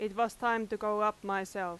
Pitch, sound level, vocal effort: 215 Hz, 91 dB SPL, very loud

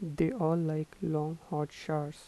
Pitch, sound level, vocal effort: 160 Hz, 80 dB SPL, soft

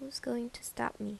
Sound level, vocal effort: 76 dB SPL, soft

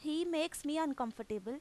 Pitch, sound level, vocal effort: 295 Hz, 89 dB SPL, loud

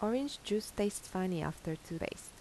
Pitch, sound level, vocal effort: 205 Hz, 81 dB SPL, soft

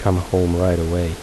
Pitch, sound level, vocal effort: 90 Hz, 76 dB SPL, soft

